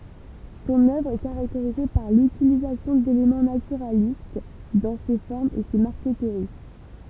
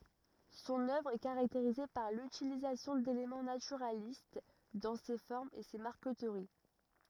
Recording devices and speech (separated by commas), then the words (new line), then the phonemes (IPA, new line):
temple vibration pickup, rigid in-ear microphone, read sentence
Son œuvre est caractérisée par l'utilisation d'éléments naturalistes dans ses formes et ses marqueteries.
sɔ̃n œvʁ ɛ kaʁakteʁize paʁ lytilizasjɔ̃ delemɑ̃ natyʁalist dɑ̃ se fɔʁmz e se maʁkətəʁi